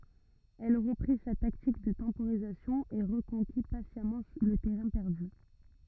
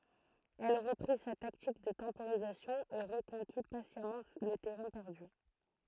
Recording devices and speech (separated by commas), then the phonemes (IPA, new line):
rigid in-ear microphone, throat microphone, read sentence
ɛl ʁəpʁi sa taktik də tɑ̃poʁizasjɔ̃ e ʁəkɔ̃ki pasjamɑ̃ lə tɛʁɛ̃ pɛʁdy